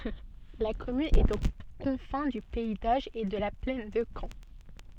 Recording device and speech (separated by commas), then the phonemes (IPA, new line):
soft in-ear microphone, read sentence
la kɔmyn ɛt o kɔ̃fɛ̃ dy pɛi doʒ e də la plɛn də kɑ̃